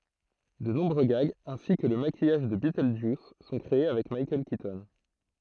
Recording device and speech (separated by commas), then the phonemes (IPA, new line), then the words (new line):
throat microphone, read sentence
də nɔ̃bʁø ɡaɡz ɛ̃si kə lə makijaʒ də bitøldʒjus sɔ̃ kʁee avɛk mikaɛl kitɔn
De nombreux gags, ainsi que le maquillage de Beetlejuice, sont créés avec Michael Keaton.